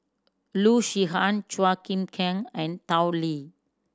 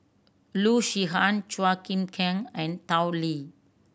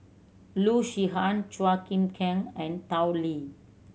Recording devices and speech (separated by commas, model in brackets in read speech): standing microphone (AKG C214), boundary microphone (BM630), mobile phone (Samsung C7100), read sentence